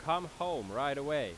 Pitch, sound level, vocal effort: 160 Hz, 95 dB SPL, very loud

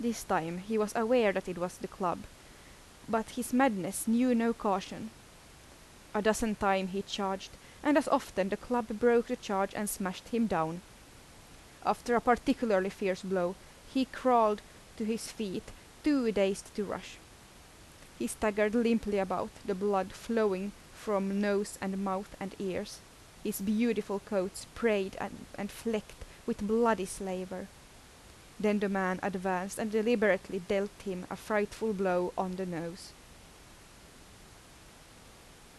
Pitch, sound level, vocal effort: 205 Hz, 81 dB SPL, normal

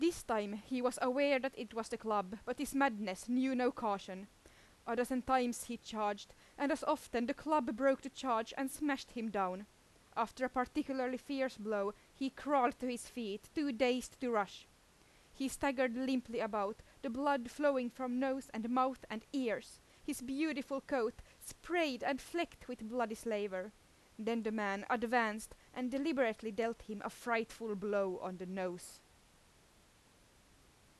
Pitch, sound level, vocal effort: 245 Hz, 89 dB SPL, loud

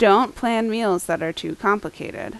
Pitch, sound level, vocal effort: 200 Hz, 84 dB SPL, loud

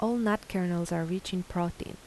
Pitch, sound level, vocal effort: 185 Hz, 80 dB SPL, soft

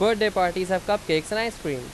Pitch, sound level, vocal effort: 185 Hz, 93 dB SPL, very loud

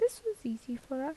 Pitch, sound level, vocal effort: 275 Hz, 77 dB SPL, soft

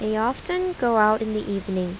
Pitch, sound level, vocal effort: 215 Hz, 84 dB SPL, normal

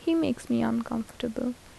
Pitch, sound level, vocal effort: 245 Hz, 74 dB SPL, soft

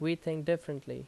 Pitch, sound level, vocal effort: 160 Hz, 84 dB SPL, loud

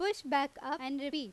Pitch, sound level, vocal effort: 280 Hz, 91 dB SPL, very loud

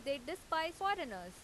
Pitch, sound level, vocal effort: 320 Hz, 91 dB SPL, loud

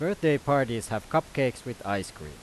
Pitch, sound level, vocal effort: 125 Hz, 92 dB SPL, loud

